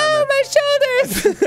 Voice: Falsetto